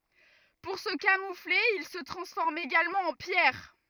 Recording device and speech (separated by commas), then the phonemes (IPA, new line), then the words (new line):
rigid in-ear microphone, read sentence
puʁ sə kamufle il sə tʁɑ̃sfɔʁmt eɡalmɑ̃ ɑ̃ pjɛʁ
Pour se camoufler ils se transforment également en pierre.